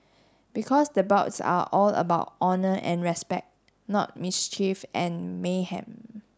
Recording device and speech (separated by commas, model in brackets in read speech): standing microphone (AKG C214), read sentence